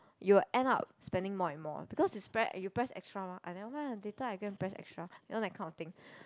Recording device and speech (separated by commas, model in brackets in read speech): close-talking microphone, conversation in the same room